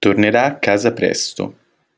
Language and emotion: Italian, neutral